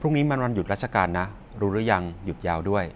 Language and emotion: Thai, neutral